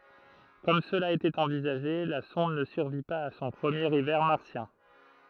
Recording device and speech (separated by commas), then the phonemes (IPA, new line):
throat microphone, read sentence
kɔm səla etɛt ɑ̃vizaʒe la sɔ̃d nə syʁvi paz a sɔ̃ pʁəmjeʁ ivɛʁ maʁsjɛ̃